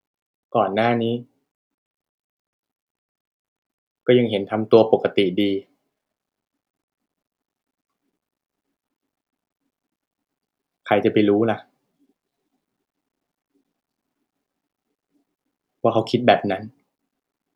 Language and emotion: Thai, frustrated